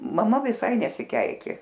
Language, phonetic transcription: Lithuanian, maˈma viˈsai nesiˈkeikė

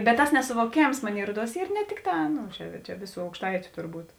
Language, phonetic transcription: Lithuanian, bet tas nesuvoˈkėms ˈmonėi ˈruoˌduos ˈyr ne ˈtikˌtā ˈnu čia čia ˈvėˌsų aukšˈtaičiu turˈbūt

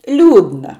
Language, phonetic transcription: Lithuanian, ˈliūdna

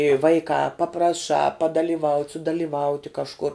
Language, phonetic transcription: Lithuanian, i ˈvaikā papraˈšā padaliˈvaut' sudalyˈvauti kažˈkur

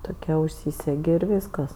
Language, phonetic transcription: Lithuanian, ˈtokia užˈsysegi ir ˈvyskas

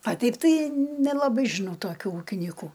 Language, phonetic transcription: Lithuanian, a ˈteip ˈtai nelaˈbai žiˈnau toˈkių ˈūkinyku

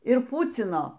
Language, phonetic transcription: Lithuanian, ir ˈpucino

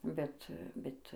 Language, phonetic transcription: Lithuanian, ˈbet ˈbet

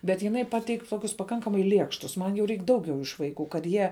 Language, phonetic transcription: Lithuanian, bet ˈjinai ˈpateik' ˈtokius paˈkankamai ˈliekštus man jau ˈreik ˈdauˌgiau iš vaiˈkų kad ˈjie

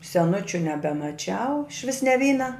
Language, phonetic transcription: Lithuanian, seˈnučiu nebemaˈčiau išˈvis ne ˈvyna

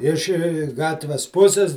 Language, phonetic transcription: Lithuanian, iš ˈgatves ˈpusis

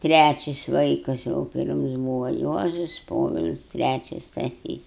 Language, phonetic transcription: Lithuanian, ˈtræčis ˈvaikas jau ˈpirms ˈbūva ˈjuozus ˈpovil's' ˈtræčis staˈsys

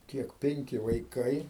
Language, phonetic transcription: Lithuanian, ˈkiek ˈpenki vaiˈkai

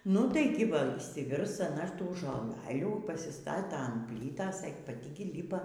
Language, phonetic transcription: Lithuanian, ˈnu tai ˈgi ˈva išsiˈvirs aˈna ˈtų žoˈlalių pasiˈstata an ˈplytas e paˈti ˈgi ˈlypa

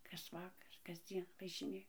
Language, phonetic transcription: Lithuanian, kas ˈvakar kasˈdzien važiˈnėja

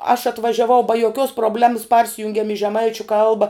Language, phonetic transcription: Lithuanian, aš atvažiaˈvau ba joˈkios probˈlemas ˈparsijungiam i žeˈmaičiu ˈkalba

